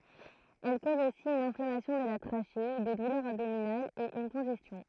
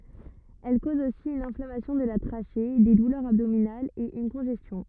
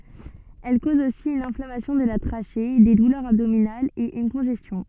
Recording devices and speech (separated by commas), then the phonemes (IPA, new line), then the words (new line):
throat microphone, rigid in-ear microphone, soft in-ear microphone, read sentence
ɛl koz osi yn ɛ̃flamasjɔ̃ də la tʁaʃe de dulœʁz abdominalz e yn kɔ̃ʒɛstjɔ̃
Elle cause aussi une inflammation de la trachée, des douleurs abdominales et une congestion.